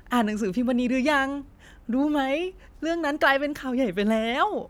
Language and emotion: Thai, happy